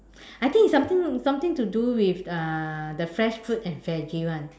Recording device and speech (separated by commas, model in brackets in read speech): standing microphone, conversation in separate rooms